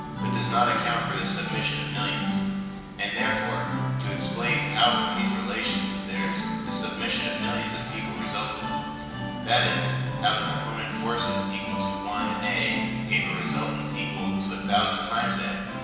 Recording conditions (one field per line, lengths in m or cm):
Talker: one person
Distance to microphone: 1.7 m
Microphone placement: close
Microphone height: 1.0 m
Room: very reverberant, large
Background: music